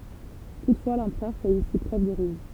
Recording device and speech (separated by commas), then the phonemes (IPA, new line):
temple vibration pickup, read sentence
tutfwa lɑ̃pʁœʁ fɛt isi pʁøv də ʁyz